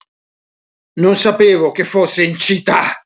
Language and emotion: Italian, angry